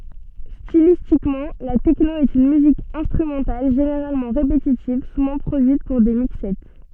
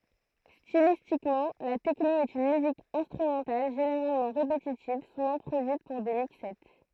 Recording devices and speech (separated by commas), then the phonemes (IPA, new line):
soft in-ear microphone, throat microphone, read sentence
stilistikmɑ̃ la tɛkno ɛt yn myzik ɛ̃stʁymɑ̃tal ʒeneʁalmɑ̃ ʁepetitiv suvɑ̃ pʁodyit puʁ de mikssɛ